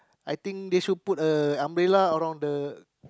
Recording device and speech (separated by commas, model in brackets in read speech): close-talking microphone, conversation in the same room